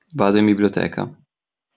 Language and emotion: Italian, neutral